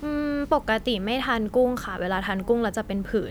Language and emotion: Thai, neutral